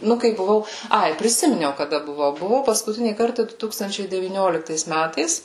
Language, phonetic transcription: Lithuanian, ˈnu kai buˈvau ˈai priˈsiminiau kaˈda buˈvau buˈvau paskuˈtinį ˈkartą ˈdu ˈtūkstančiai devyˈnioliktais ˈmætais

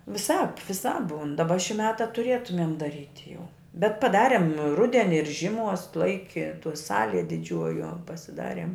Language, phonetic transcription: Lithuanian, viˈsāp viˈsāp ˈbūn daˈba ši ˈmeta tuˈrėtumėm daˈryt' jau bet paˈdarem ˈrudeni ir žiˈmuos ˈlaiki tuo ˈsalie diˈdžiuojuo pasiˈdariem

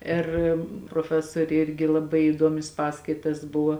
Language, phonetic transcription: Lithuanian, ˈir proˈfesorė ˈirgi laˈbai įˈduomis ˈpaskaitas ˈbuvo

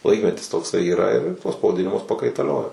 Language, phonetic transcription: Lithuanian, ˈlaikmetis tokˈsai yˈra ir tuos pavaˈdinimus pakaitaˈliojo

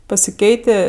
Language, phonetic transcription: Lithuanian, pasiˈkeitė

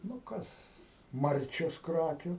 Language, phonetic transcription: Lithuanian, nu ˈkas ˈmarčios ˈkrakiu

